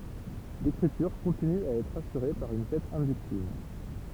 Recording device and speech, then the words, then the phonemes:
temple vibration pickup, read sentence
L'écriture continue à être assurée par une tête inductive.
lekʁityʁ kɔ̃tiny a ɛtʁ asyʁe paʁ yn tɛt ɛ̃dyktiv

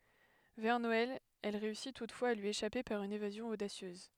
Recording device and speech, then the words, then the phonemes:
headset microphone, read sentence
Vers Noël, elle réussit toutefois à lui échapper par une évasion audacieuse.
vɛʁ nɔɛl ɛl ʁeysi tutfwaz a lyi eʃape paʁ yn evazjɔ̃ odasjøz

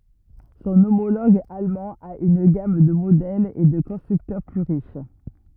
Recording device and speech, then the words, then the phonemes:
rigid in-ear microphone, read sentence
Son homologue allemand a une gamme de modèles et de constructeurs plus riche.
sɔ̃ omoloɡ almɑ̃ a yn ɡam də modɛlz e də kɔ̃stʁyktœʁ ply ʁiʃ

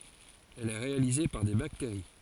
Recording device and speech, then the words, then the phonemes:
forehead accelerometer, read sentence
Elle est réalisée par des bactéries.
ɛl ɛ ʁealize paʁ de bakteʁi

